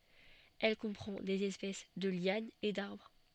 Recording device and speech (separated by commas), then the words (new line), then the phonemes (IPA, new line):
soft in-ear microphone, read sentence
Elle comprend des espèces de lianes et d'arbres.
ɛl kɔ̃pʁɑ̃ dez ɛspɛs də ljanz e daʁbʁ